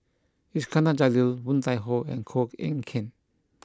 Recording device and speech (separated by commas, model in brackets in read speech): close-talking microphone (WH20), read sentence